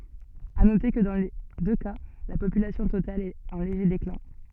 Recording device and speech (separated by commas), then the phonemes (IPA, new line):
soft in-ear microphone, read sentence
a note kə dɑ̃ le dø ka la popylasjɔ̃ total ɛt ɑ̃ leʒe deklɛ̃